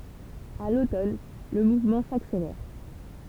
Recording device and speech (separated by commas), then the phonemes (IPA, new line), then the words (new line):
temple vibration pickup, read sentence
a lotɔn lə muvmɑ̃ sakselɛʁ
À l’automne, le mouvement s’accélère.